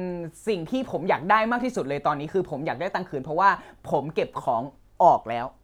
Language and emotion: Thai, frustrated